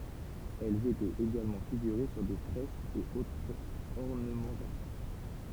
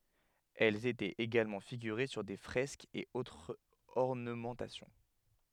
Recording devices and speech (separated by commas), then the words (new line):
temple vibration pickup, headset microphone, read sentence
Elles étaient également figurées sur des fresques et autres ornementations.